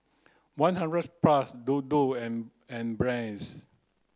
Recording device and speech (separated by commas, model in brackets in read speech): close-talking microphone (WH30), read sentence